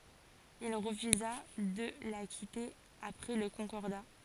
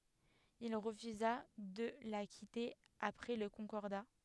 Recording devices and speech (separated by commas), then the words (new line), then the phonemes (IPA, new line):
forehead accelerometer, headset microphone, read sentence
Il refusa de la quitter après le Concordat.
il ʁəfyza də la kite apʁɛ lə kɔ̃kɔʁda